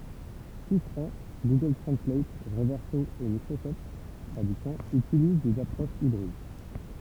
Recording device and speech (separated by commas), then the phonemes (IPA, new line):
temple vibration pickup, read sentence
sistʁɑ̃ ɡuɡœl tʁɑ̃slat ʁəvɛʁso e mikʁosɔft tʁadyksjɔ̃ ytiliz dez apʁoʃz ibʁid